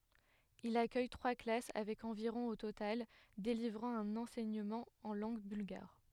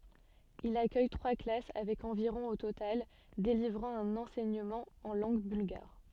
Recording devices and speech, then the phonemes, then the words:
headset microphone, soft in-ear microphone, read sentence
il akœj tʁwa klas avɛk ɑ̃viʁɔ̃ o total delivʁɑ̃ œ̃n ɑ̃sɛɲəmɑ̃ ɑ̃ lɑ̃ɡ bylɡaʁ
Il accueille trois classes avec environ au total, délivrant un enseignement en langue bulgare.

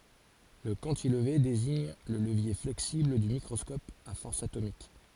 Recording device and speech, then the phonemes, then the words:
forehead accelerometer, read sentence
lə kɑ̃tilve deziɲ lə ləvje flɛksibl dy mikʁɔskɔp a fɔʁs atomik
Le cantilever désigne le levier flexible du microscope à force atomique.

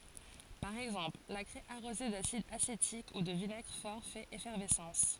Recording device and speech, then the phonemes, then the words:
forehead accelerometer, read sentence
paʁ ɛɡzɑ̃pl la kʁɛ aʁoze dasid asetik u də vinɛɡʁ fɔʁ fɛt efɛʁvɛsɑ̃s
Par exemple, la craie arrosée d'acide acétique ou de vinaigre fort fait effervescence.

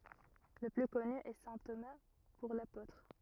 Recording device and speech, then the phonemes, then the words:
rigid in-ear microphone, read sentence
lə ply kɔny ɛ sɛ̃ toma puʁ lapotʁ
Le plus connu est saint Thomas pour l'apôtre.

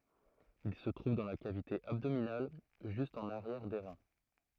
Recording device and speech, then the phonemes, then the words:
throat microphone, read sentence
il sə tʁuv dɑ̃ la kavite abdominal ʒyst ɑ̃n aʁjɛʁ de ʁɛ̃
Ils se trouvent dans la cavité abdominale, juste en arrière des reins.

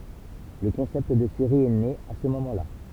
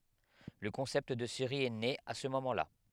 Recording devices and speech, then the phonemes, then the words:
temple vibration pickup, headset microphone, read sentence
lə kɔ̃sɛpt də seʁi ɛ ne a sə momɑ̃ la
Le concept de série est né à ce moment là.

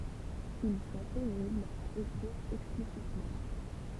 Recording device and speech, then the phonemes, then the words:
temple vibration pickup, read sentence
il sɔ̃ peniblz a ekʁiʁ ɛksplisitmɑ̃
Ils sont pénibles à écrire explicitement.

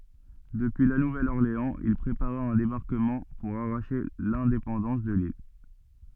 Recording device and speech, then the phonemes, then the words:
soft in-ear microphone, read sentence
dəpyi la nuvɛl ɔʁleɑ̃z il pʁepaʁa œ̃ debaʁkəmɑ̃ puʁ aʁaʃe lɛ̃depɑ̃dɑ̃s də lil
Depuis La Nouvelle-Orléans, il prépara un débarquement pour arracher l'indépendance de l'île.

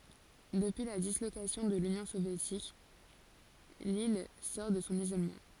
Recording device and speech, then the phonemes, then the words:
forehead accelerometer, read sentence
dəpyi la dislokasjɔ̃ də lynjɔ̃ sovjetik lil sɔʁ də sɔ̃ izolmɑ̃
Depuis la dislocation de l'Union soviétique, l'île sort de son isolement.

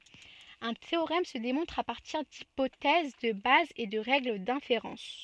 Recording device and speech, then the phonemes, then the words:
soft in-ear microphone, read sentence
œ̃ teoʁɛm sə demɔ̃tʁ a paʁtiʁ dipotɛz də baz e də ʁɛɡl dɛ̃feʁɑ̃s
Un théorème se démontre à partir d'hypothèses de base et de règles d'inférence.

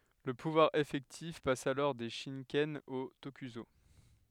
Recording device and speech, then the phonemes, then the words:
headset microphone, read sentence
lə puvwaʁ efɛktif pas alɔʁ de ʃikɛn o tokyzo
Le pouvoir effectif passe alors des shikken aux tokuso.

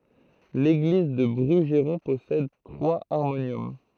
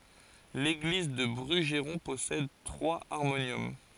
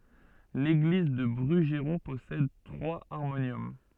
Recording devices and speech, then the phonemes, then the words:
throat microphone, forehead accelerometer, soft in-ear microphone, read sentence
leɡliz dy bʁyʒʁɔ̃ pɔsɛd tʁwaz aʁmonjɔm
L'église du Brugeron possède trois harmoniums.

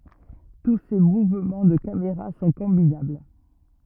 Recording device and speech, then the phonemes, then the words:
rigid in-ear microphone, read sentence
tu se muvmɑ̃ də kameʁa sɔ̃ kɔ̃binabl
Tous ces mouvements de caméra sont combinables.

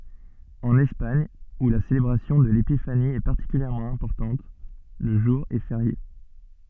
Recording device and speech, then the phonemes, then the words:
soft in-ear microphone, read sentence
ɑ̃n ɛspaɲ u la selebʁasjɔ̃ də lepifani ɛ paʁtikyljɛʁmɑ̃ ɛ̃pɔʁtɑ̃t lə ʒuʁ ɛ feʁje
En Espagne, où la célébration de l'Épiphanie est particulièrement importante, le jour est férié.

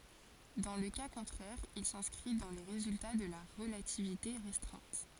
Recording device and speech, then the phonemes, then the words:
forehead accelerometer, read sentence
dɑ̃ lə ka kɔ̃tʁɛʁ il sɛ̃skʁi dɑ̃ le ʁezylta də la ʁəlativite ʁɛstʁɛ̃t
Dans le cas contraire il s'inscrit dans les résultats de la relativité restreinte.

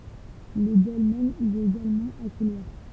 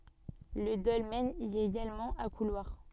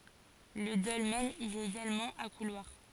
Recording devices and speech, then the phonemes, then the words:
temple vibration pickup, soft in-ear microphone, forehead accelerometer, read sentence
lə dɔlmɛn i ɛt eɡalmɑ̃ a kulwaʁ
Le dolmen y est également à couloir.

